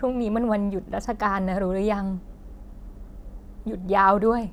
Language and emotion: Thai, sad